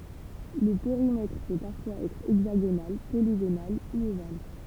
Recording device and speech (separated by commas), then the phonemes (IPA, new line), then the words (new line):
temple vibration pickup, read sentence
lə peʁimɛtʁ pø paʁfwaz ɛtʁ ɛɡzaɡonal poliɡonal u oval
Le périmètre peut parfois être hexagonal, polygonal ou ovale.